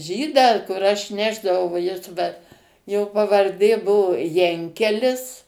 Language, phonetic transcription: Lithuanian, ˈžydą kur ˈaš ˈnešdavau va ˈjis va jo pavarˈdė ˈbuvo ˈjankelis

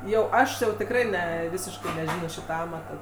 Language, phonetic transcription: Lithuanian, jau ˈaš jau tikˈrai ˈne ˈvisiškai neˈžino ˈšyta ˈamata

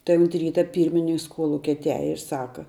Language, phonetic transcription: Lithuanian, tai unt ˈryta ˈpyrmininks ˈkolukia atˈiaje ir ˈsaka

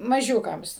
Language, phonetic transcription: Lithuanian, maˈžiūkams

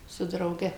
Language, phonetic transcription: Lithuanian, su drauˈge

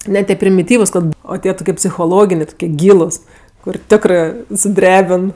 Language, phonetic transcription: Lithuanian, ˈne tie primiˈtyvus ˈkad ˈo ˈtie toˈkie psichoˈloginė tokie ˈgylus kur ˈtekrɜ suˈdrebin

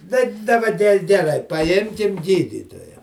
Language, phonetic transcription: Lithuanian, tai daˈba ge geˈrai paˈjimkim ˈgydytoja

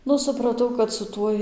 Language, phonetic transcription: Lithuanian, ˈnu supraˈtau kad su ˈtuoj

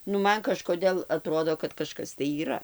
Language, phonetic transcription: Lithuanian, nu ˈman kažkoˈdėl aˈtrodo kad kaˈžkas tai yˈra

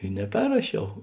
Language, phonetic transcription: Lithuanian, i neˈperrašiau

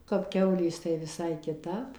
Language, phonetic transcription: Lithuanian, kap ˈkiaulės tai viˈsai kiˈtap

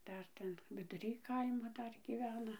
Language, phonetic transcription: Lithuanian, ˈdar ˈten viduˈry ˈkaimo ˈdar gyˈvena

